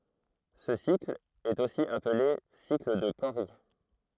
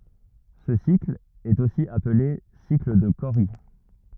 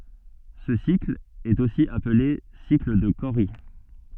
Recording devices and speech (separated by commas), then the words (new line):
throat microphone, rigid in-ear microphone, soft in-ear microphone, read sentence
Ce cycle est aussi appelé cycle de Cori.